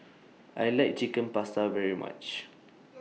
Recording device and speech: mobile phone (iPhone 6), read sentence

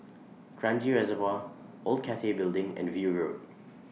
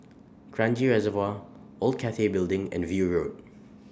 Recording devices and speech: mobile phone (iPhone 6), standing microphone (AKG C214), read sentence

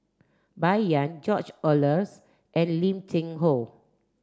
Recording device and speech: standing microphone (AKG C214), read sentence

